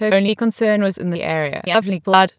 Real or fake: fake